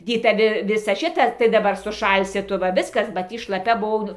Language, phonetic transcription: Lithuanian, ˈdy taˈvi ˈvisa ˈšita tai daˈbar suˈšalsi ˈtu va ˈviskas ba ˈtį šlaˈpia buˈvau

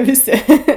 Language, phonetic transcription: Lithuanian, viˈsi

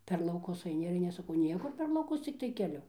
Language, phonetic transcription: Lithuanian, per lauˈkus aiˈni ir aiˈni aš saˈkau ˈniekur per lauˈkus cikˈtai keˈliu

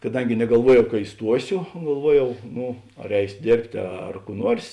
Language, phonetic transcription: Lithuanian, kaˈdangi negalˈvuojau ka iˈstuosio galˈvuojau ˈnu ar ˈeisio ˈdėrbtė ˈar kų ˈnuors

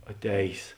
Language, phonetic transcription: Lithuanian, aˈtējs

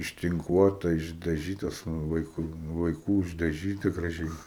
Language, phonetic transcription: Lithuanian, ištinˈkuota išdaˈžytas ˈnu vaiˈkų vaiˈkų išdaˈžyta graˈžiai

